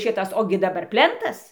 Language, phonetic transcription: Lithuanian, ˈšitas ˈogi daˈbar ˈplentas

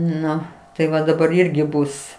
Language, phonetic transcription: Lithuanian, ˈnu tai ˈva daˈbar ˈirgi ˈbus

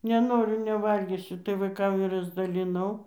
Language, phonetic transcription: Lithuanian, neˈnoriu neˈvalgysiu tai vaiˈkam ir razdaliˈnau

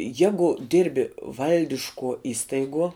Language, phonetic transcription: Lithuanian, ˈjegu ˈdirbi ˈvaldiškuo ˈistaiguo

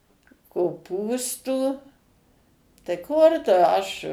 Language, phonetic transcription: Lithuanian, koˈpūstų tai ˈkur tu ˈaš

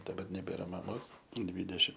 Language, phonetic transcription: Lithuanian, daˈbar neˈbėra ˈmamos ˈdvydešim

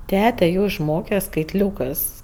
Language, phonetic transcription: Lithuanian, ˈtete ˈjo išˈmoke skaitˈliūkɜs

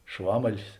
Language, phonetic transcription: Lithuanian, ˈšvamalis

